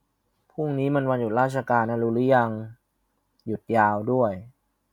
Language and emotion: Thai, frustrated